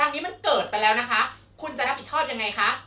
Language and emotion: Thai, angry